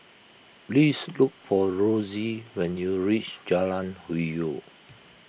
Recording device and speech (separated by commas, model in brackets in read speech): boundary microphone (BM630), read sentence